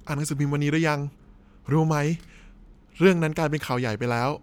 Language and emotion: Thai, frustrated